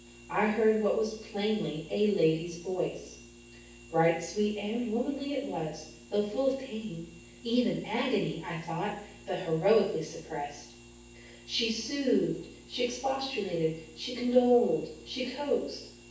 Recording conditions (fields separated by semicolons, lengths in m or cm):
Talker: one person; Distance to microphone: 9.8 m; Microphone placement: far; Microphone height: 1.8 m; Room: large; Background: none